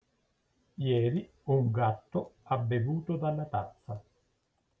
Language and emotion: Italian, neutral